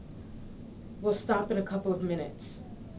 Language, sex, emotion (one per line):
English
female
neutral